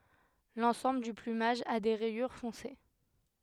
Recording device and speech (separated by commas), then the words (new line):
headset microphone, read sentence
L’ensemble du plumage a des rayures foncées.